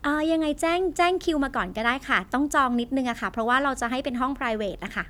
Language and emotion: Thai, neutral